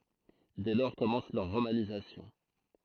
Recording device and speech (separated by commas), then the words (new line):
throat microphone, read sentence
Dès lors commence leur romanisation.